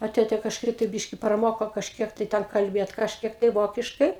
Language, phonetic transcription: Lithuanian, a ˈtėte kažˈkaip tai ˈbiški praˈmoko kažˈkiek tai ˈten kalˈbėt kažˈkiek tai ˈvokiškai

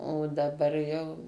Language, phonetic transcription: Lithuanian, o daˈbar jau

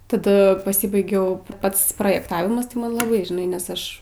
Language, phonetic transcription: Lithuanian, taˈda paˈsibaigiau ˈpats projekˈtavimas tai ˈman laˈbai žiˈnai nes ˈaš

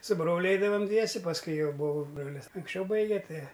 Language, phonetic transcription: Lithuanian, su ˈbroliu ˈeidavam ˈdviese pasˈkui ˈjau ˈbuvoˈbrolis anksˈčiau ˈbaige ˈtai

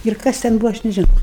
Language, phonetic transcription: Lithuanian, ir ˈkas ten ˈbūvo ˈaš nežiˈnau

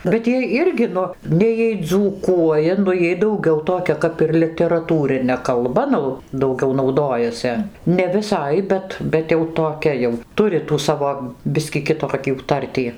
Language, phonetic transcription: Lithuanian, bet ˈjie ˈirgi ˈnu ˈnei jiej dzūˈkuoja nu ˈjiej dauˈgiau toˈkia ˈkap ir literaˈtūrine kalˈba ˈnu dauˈgiau nauˈdojase ne viˈsai ˈbet bet jau toˈkia jau ˈturi tų ˈsavo ˈbiskį kiˈtokių ˈtartį

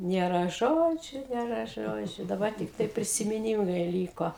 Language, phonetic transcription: Lithuanian, nėˈra ˈžodžiu nėˈra ˈžodžiu daˈbar tikˈtai prisimiˈnymai ˈlyko

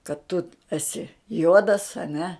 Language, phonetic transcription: Lithuanian, kad tu eˈsi ˈjuodas a ˈne

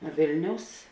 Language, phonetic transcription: Lithuanian, ˈvėlniaus

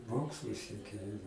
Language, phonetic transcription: Lithuanian, ˈmokslu sieˈkė

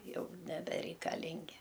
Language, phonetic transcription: Lithuanian, ˈjau nebereikaˈlingi

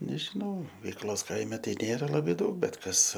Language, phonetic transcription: Lithuanian, nežiˈnau veikˈlos ˈkaime ˈtai ˈnėra ˈlabė ˈdaug ˈbet ˈkas

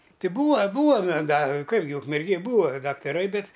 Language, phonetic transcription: Lithuanian, ˈti ˈbūa ˈbūa me ga ˈkaip gi ukmerˈgėj ˈbūa daktaˈrai ˈbet

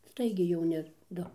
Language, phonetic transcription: Lithuanian, ˈstaigiai jauˈni ˈdu

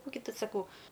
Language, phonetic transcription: Lithuanian, ˈkų gi ˈtu saˈkau

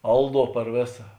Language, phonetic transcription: Lithuanian, ˈalˌduo par ˈvėsa

